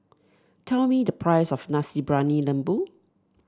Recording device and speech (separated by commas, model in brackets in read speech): standing microphone (AKG C214), read sentence